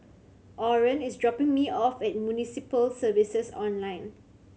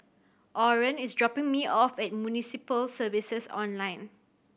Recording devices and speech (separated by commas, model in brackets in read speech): mobile phone (Samsung C7100), boundary microphone (BM630), read sentence